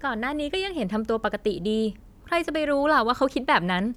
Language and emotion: Thai, happy